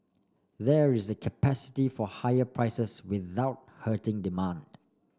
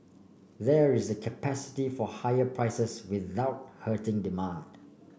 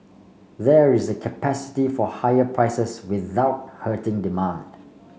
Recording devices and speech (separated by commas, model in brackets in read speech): standing microphone (AKG C214), boundary microphone (BM630), mobile phone (Samsung C5), read sentence